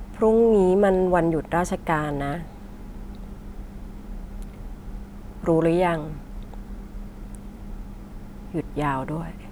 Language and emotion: Thai, neutral